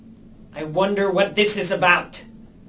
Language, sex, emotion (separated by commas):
English, male, angry